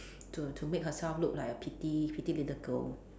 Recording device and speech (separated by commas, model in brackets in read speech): standing microphone, conversation in separate rooms